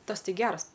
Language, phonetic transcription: Lithuanian, ˈtas ˈtai ˈgers

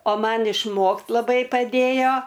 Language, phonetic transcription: Lithuanian, o ˈman išˈmokt laˈbai paˈdėjo

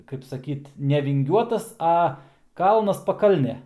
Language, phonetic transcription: Lithuanian, kaip saˈkyt nevinˈgiuotas ˈa ˈkalnas paˈkalnė

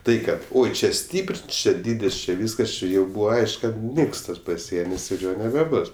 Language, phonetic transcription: Lithuanian, ˈtai ˈkad ˈoi ˈčia ˈstypr ˈčia ˈdydis či ˈvyskas ˈči jau ˈbūva ˈaišk ˈkad ˈniks ˈtas paˈsienis ir ˈjo nebeˈbus

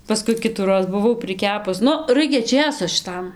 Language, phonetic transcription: Lithuanian, paˈskui ˈkitųroz buˈvau priˈkepus ˈnu ˈraikia ˈčėso šiˈtam

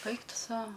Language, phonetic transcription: Lithuanian, ˈaik ˈtu ˈsau

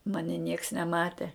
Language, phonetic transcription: Lithuanian, ˈmani nieks neˈmate

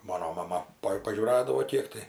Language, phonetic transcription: Lithuanian, ˈmano maˈma pa pažiūˈradavo ˈkiek tai

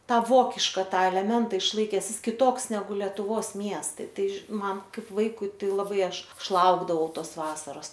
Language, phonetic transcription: Lithuanian, ˈtą ˈvokiška ˈtą eleˈmenta išˈlaikes ˈjis kiˈtoks neˈgu letuˈvos ˈmiestai ˈtai ži ˈman ˈkaip ˈvaikui ˈtai laˈbai ˈaš ˈaš ˈlaukdavau ˈtos ˈvasaros

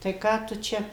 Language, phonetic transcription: Lithuanian, tai ˈką tu ˈčia

